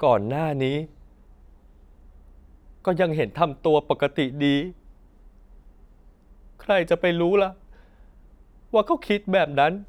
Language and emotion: Thai, sad